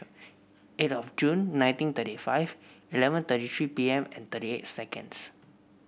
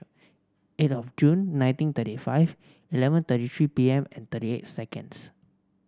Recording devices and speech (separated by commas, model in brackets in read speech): boundary microphone (BM630), standing microphone (AKG C214), read sentence